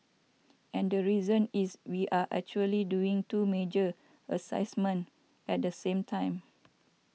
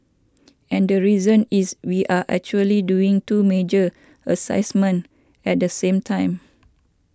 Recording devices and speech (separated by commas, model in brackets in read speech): mobile phone (iPhone 6), standing microphone (AKG C214), read sentence